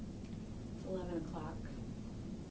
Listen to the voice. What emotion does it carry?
neutral